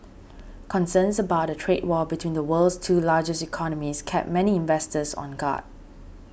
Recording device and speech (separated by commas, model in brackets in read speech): boundary microphone (BM630), read sentence